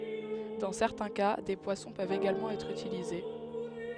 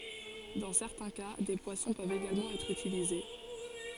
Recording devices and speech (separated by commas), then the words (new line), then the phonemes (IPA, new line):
headset microphone, forehead accelerometer, read sentence
Dans certains cas, des poissons peuvent également être utilisés.
dɑ̃ sɛʁtɛ̃ ka de pwasɔ̃ pøvt eɡalmɑ̃ ɛtʁ ytilize